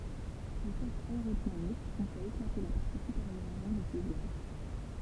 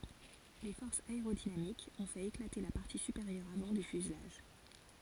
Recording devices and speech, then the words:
temple vibration pickup, forehead accelerometer, read sentence
Les forces aérodynamiques ont fait éclater la partie supérieure avant du fuselage.

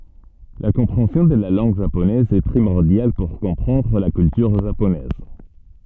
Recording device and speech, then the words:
soft in-ear microphone, read sentence
La compréhension de la langue japonaise est primordiale pour comprendre la culture japonaise.

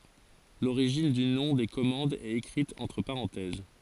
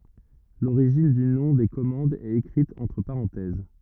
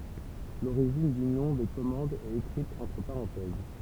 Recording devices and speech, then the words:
forehead accelerometer, rigid in-ear microphone, temple vibration pickup, read sentence
L'origine du nom des commandes est écrite entre parenthèses.

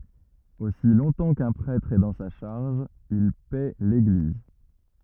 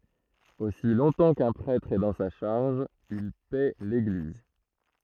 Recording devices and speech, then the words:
rigid in-ear microphone, throat microphone, read sentence
Aussi longtemps qu’un prêtre est dans sa charge, il paît l’Église.

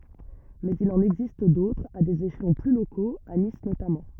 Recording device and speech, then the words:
rigid in-ear microphone, read sentence
Mais il en existe d'autres, à des échelons plus locaux, à Nice notamment.

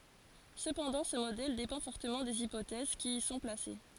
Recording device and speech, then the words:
forehead accelerometer, read sentence
Cependant, ce modèle dépend fortement des hypothèses qui y sont placées.

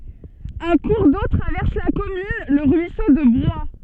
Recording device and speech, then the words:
soft in-ear microphone, read sentence
Un cours d'eau traverse la commune, le ruisseau de Broye.

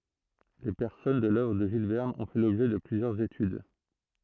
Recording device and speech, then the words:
throat microphone, read sentence
Les personnages de l’œuvre de Jules Verne ont fait l'objet de plusieurs études.

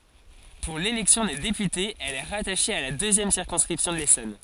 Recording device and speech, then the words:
forehead accelerometer, read sentence
Pour l'élection des députés, elle est rattachée à la deuxième circonscription de l'Essonne.

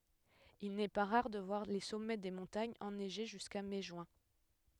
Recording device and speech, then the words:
headset microphone, read sentence
Il n'est pas rare de voir les sommets des montagnes enneigés jusqu'à mai-juin.

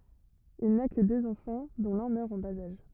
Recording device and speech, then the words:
rigid in-ear microphone, read sentence
Il n'a que deux enfants, dont l'un meurt en bas âge.

